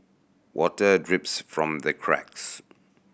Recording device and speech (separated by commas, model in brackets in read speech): boundary microphone (BM630), read sentence